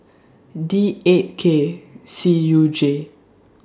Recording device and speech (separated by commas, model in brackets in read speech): standing microphone (AKG C214), read sentence